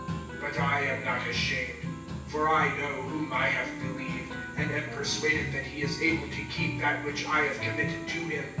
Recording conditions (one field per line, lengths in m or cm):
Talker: one person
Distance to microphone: 9.8 m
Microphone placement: far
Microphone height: 1.8 m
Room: large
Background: music